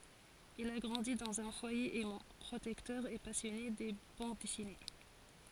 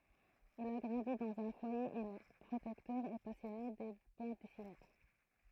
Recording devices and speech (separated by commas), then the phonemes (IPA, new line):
forehead accelerometer, throat microphone, read sentence
il a ɡʁɑ̃di dɑ̃z œ̃ fwaje ɛmɑ̃ pʁotɛktœʁ e pasjɔne də bɑ̃d dɛsine